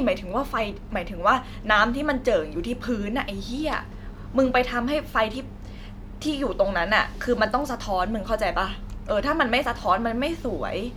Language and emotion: Thai, frustrated